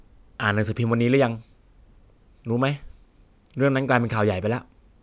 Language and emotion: Thai, frustrated